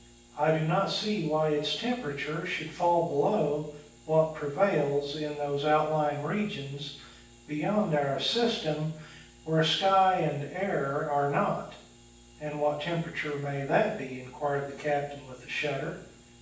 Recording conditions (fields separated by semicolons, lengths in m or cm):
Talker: one person; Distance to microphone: 9.8 m; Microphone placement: far; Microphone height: 1.8 m; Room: large; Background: none